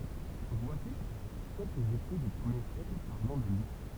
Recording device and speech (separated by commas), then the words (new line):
temple vibration pickup, read sentence
Voici quelques écrits des premiers siècles parlant de Luc.